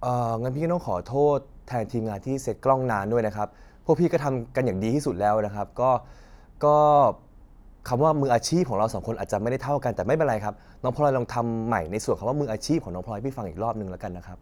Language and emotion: Thai, frustrated